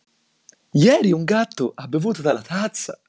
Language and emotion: Italian, happy